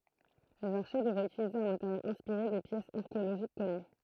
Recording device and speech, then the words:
throat microphone, read sentence
Les archers devraient utiliser un matériel inspiré des pièces archéologiques connues.

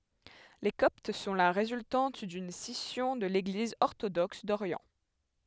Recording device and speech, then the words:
headset microphone, read sentence
Les Coptes sont la résultante d'une scission de l'Église orthodoxe d'Orient.

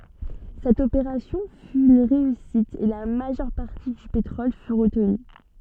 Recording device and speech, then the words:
soft in-ear microphone, read sentence
Cette opération fut une réussite et la majeure partie du pétrole fut retenue.

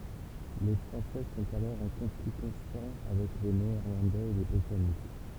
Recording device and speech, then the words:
temple vibration pickup, read sentence
Les Français sont alors en conflit constant avec les Néerlandais et les Britanniques.

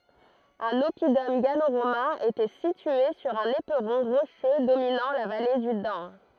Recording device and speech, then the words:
throat microphone, read sentence
Un oppidum gallo-romain était situé sur un éperon rocheux dominant la vallée du Dan.

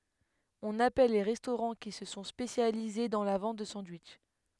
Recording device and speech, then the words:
headset microphone, read sentence
On appelle les restaurants qui se sont spécialisés dans la vente de sandwichs.

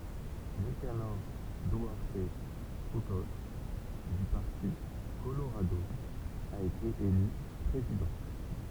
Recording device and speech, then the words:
temple vibration pickup, read sentence
Nicanor Duarte Frutos, du parti Colorado, a été élu président.

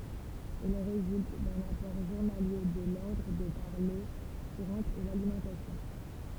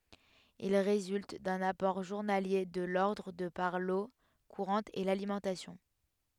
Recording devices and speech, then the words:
temple vibration pickup, headset microphone, read sentence
Il résulte d'un apport journalier de l'ordre de par l'eau courante et l'alimentation.

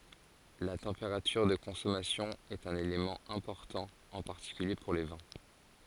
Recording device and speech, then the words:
forehead accelerometer, read sentence
La température de consommation est un élément important en particulier pour les vins.

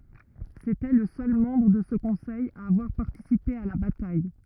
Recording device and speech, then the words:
rigid in-ear microphone, read sentence
C'était le seul membre de ce conseil à avoir participé à la bataille.

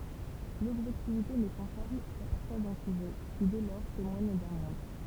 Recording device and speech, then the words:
temple vibration pickup, read sentence
L'objectivité n'est pensable qu'à partir d'un sujet qui dès lors témoigne d'un monde.

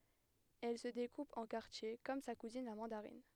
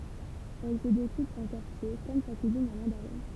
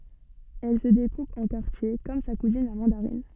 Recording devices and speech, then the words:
headset microphone, temple vibration pickup, soft in-ear microphone, read sentence
Elle se découpe en quartiers comme sa cousine la mandarine.

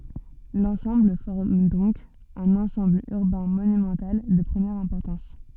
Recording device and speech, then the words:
soft in-ear microphone, read sentence
L'ensemble forme donc un ensemble urbain monumental de première importance.

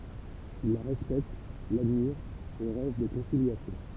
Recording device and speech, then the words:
temple vibration pickup, read sentence
Ils la respectent, l'admirent et rêvent de conciliation.

